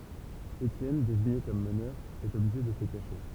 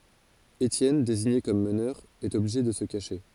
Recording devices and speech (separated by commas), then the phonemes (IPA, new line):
temple vibration pickup, forehead accelerometer, read sentence
etjɛn deziɲe kɔm mənœʁ ɛt ɔbliʒe də sə kaʃe